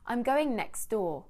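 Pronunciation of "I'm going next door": In 'next door', the t sound in 'next' is left out.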